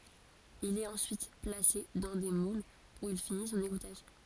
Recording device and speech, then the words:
forehead accelerometer, read sentence
Il est ensuite placé dans des moules où il finit son égouttage.

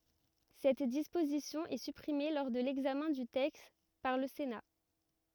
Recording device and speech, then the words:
rigid in-ear microphone, read sentence
Cette disposition est supprimée lors de l'examen du texte par le Sénat.

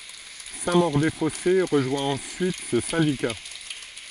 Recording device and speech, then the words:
forehead accelerometer, read sentence
Saint-Maur-des-Fossés rejoint ensuite ce syndicat.

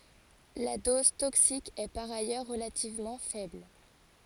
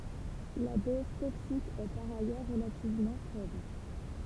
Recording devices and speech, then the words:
forehead accelerometer, temple vibration pickup, read sentence
La dose toxique est par ailleurs relativement faible.

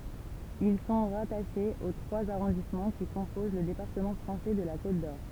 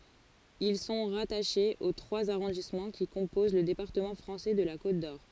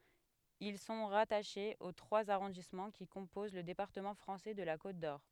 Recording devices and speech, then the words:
temple vibration pickup, forehead accelerometer, headset microphone, read sentence
Ils sont rattachés aux trois arrondissements qui composent le département français de la Côte-d'Or.

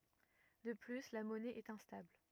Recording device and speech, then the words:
rigid in-ear microphone, read sentence
De plus la monnaie est instable.

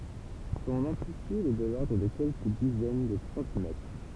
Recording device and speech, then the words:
temple vibration pickup, read sentence
Son amplitude est de l'ordre de quelques dizaines de centimètres.

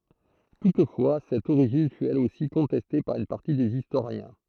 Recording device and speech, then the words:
throat microphone, read sentence
Toutefois, cette origine fût elle aussi contestée par une partie des historiens.

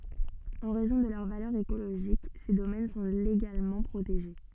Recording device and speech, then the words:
soft in-ear microphone, read sentence
En raison de leur valeur écologique, ces domaines sont légalement protégés.

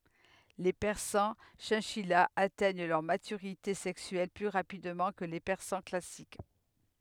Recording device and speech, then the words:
headset microphone, read sentence
Les persans chinchillas atteignent leur maturité sexuelle plus rapidement que les persans classiques.

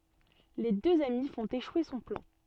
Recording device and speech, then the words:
soft in-ear microphone, read sentence
Les deux amis font échouer son plan.

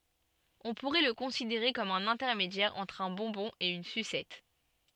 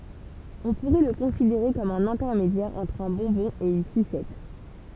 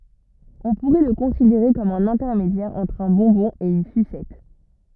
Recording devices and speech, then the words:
soft in-ear microphone, temple vibration pickup, rigid in-ear microphone, read sentence
On pourrait le considérer comme un intermédiaire entre un bonbon et une sucette.

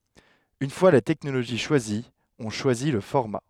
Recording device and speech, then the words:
headset microphone, read sentence
Une fois la technologie choisie, on choisit le format.

